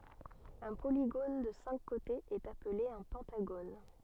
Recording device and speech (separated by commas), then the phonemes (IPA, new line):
soft in-ear microphone, read sentence
œ̃ poliɡon də sɛ̃k kotez ɛt aple œ̃ pɑ̃taɡon